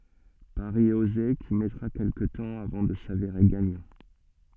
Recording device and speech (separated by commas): soft in-ear microphone, read sentence